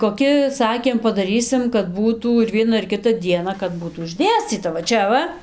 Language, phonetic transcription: Lithuanian, koˈki ˈsakėm padaˈrysim kad ˈbūtų ir ˈviena ir ˈkita ˈdiena kad ˈbūtų išˈdėscyta va ˈčia va

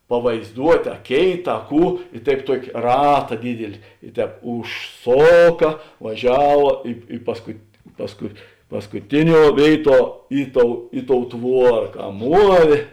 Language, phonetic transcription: Lithuanian, pavaizˈduot' a ˈkėit a ˈkų i ˈtaip ˈtuok' ˈrata ˈdydili i ˈtēp užˈsoka vaˈžiava ˈi i paskut pasˈku paskuˈtiˌniuo ˈvėiˌtuo ˈi ˌtou ˈi ˌtou ˈtvuora ka ˈmuovė

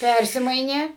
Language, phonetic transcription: Lithuanian, ˈpærsimainė

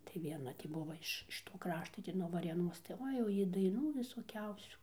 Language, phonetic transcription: Lithuanian, tai vieˈna ˈtį ˈbuva iš iš ˈto ˈkrašto nuo varėˈnos tai ˈoi jau ˈji daiˈnų visoˈkiausių

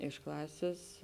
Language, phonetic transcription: Lithuanian, iš ˈklasės

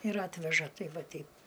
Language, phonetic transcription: Lithuanian, ir ˈatveža ˈtei ˈva ˈteip

